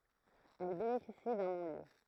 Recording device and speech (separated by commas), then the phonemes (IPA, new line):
throat microphone, read sentence
ɛl benefisi dœ̃ nɔ̃ljø